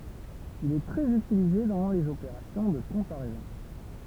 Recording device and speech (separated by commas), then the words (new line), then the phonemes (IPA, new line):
temple vibration pickup, read sentence
Il est très utilisé dans les opérations de comparaisons.
il ɛ tʁɛz ytilize dɑ̃ lez opeʁasjɔ̃ də kɔ̃paʁɛzɔ̃